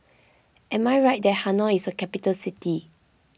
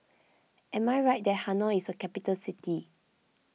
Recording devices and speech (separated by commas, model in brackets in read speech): boundary microphone (BM630), mobile phone (iPhone 6), read sentence